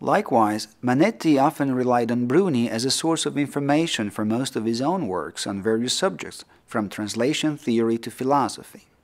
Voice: low tone